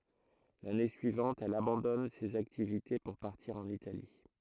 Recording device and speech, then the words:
throat microphone, read sentence
L'année suivante, elle abandonne ces activités pour partir en Italie.

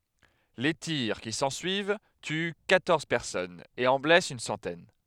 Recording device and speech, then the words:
headset microphone, read sentence
Les tirs qui s'ensuivent tuent quatorze personnes et en blessent une centaine.

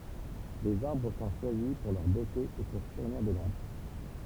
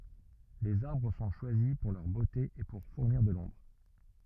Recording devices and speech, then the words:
temple vibration pickup, rigid in-ear microphone, read sentence
Les arbres sont choisis pour leur beauté et pour fournir de l’ombre.

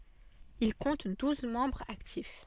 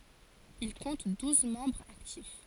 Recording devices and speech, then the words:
soft in-ear microphone, forehead accelerometer, read sentence
Il compte douze membres actifs.

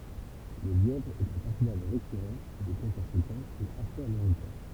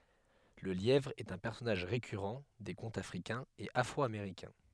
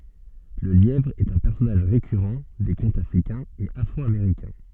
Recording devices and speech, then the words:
temple vibration pickup, headset microphone, soft in-ear microphone, read sentence
Le lièvre est un personnage récurrent des contes africains et afro-américains.

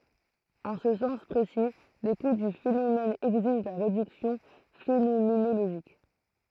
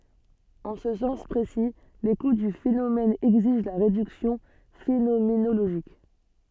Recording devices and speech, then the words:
throat microphone, soft in-ear microphone, read sentence
En ce sens précis, l'écoute du phénomène exige la réduction phénoménologique.

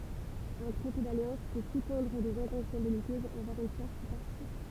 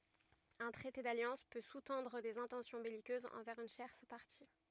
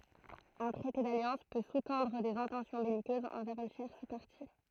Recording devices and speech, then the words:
temple vibration pickup, rigid in-ear microphone, throat microphone, read sentence
Un traité d'alliance peut sous-tendre des intentions belliqueuses envers une tierce partie.

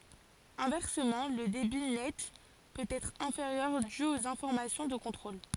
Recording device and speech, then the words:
forehead accelerometer, read sentence
Inversement, le débit net peut être inférieur dû aux informations de contrôle.

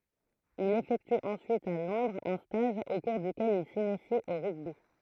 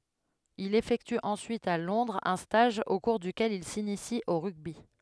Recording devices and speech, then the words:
throat microphone, headset microphone, read sentence
Il effectue ensuite à Londres un stage au cours duquel il s'initie au rugby.

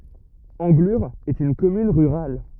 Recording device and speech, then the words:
rigid in-ear microphone, read sentence
Anglure est une commune rurale.

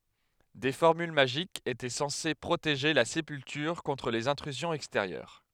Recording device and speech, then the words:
headset microphone, read sentence
Des formules magiques étaient censées protéger la sépulture contre les intrusions extérieures.

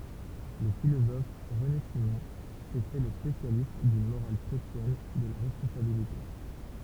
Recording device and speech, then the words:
temple vibration pickup, read sentence
Le philosophe René Simon s'est fait le spécialiste d'une morale chrétienne de la responsabilité.

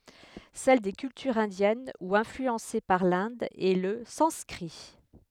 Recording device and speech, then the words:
headset microphone, read sentence
Celle des cultures indiennes ou influencées par l'Inde est le sanskrit.

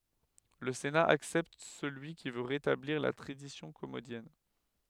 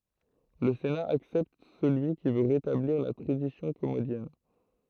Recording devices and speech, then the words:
headset microphone, throat microphone, read sentence
Le Sénat accepte celui qui veut rétablir la tradition commodienne.

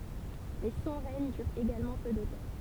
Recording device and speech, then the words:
temple vibration pickup, read sentence
Mais son règne dure également peu de temps.

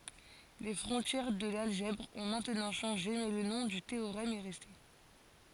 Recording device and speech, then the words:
forehead accelerometer, read sentence
Les frontières de l'algèbre ont maintenant changé mais le nom du théorème est resté.

